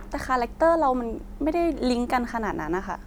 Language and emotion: Thai, neutral